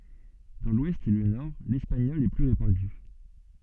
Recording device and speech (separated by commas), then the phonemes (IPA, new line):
soft in-ear microphone, read sentence
dɑ̃ lwɛst e lə nɔʁ lɛspaɲɔl ɛ ply ʁepɑ̃dy